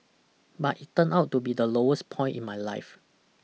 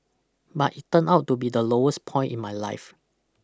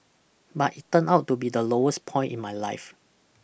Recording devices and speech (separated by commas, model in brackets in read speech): mobile phone (iPhone 6), close-talking microphone (WH20), boundary microphone (BM630), read sentence